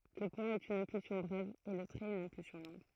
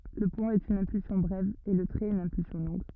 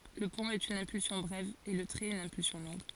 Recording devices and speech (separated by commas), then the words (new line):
throat microphone, rigid in-ear microphone, forehead accelerometer, read sentence
Le point est une impulsion brève et le trait une impulsion longue.